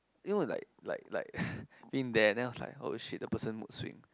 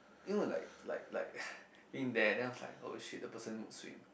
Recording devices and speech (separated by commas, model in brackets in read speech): close-talking microphone, boundary microphone, conversation in the same room